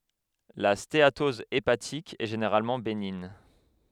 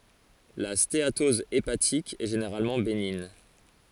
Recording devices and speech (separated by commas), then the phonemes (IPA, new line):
headset microphone, forehead accelerometer, read sentence
la steatɔz epatik ɛ ʒeneʁalmɑ̃ beniɲ